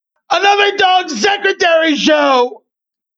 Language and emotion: English, happy